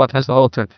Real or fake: fake